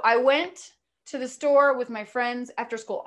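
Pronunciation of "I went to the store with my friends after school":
The sentence is spoken in groups of words, with small pauses or breaks between the groups.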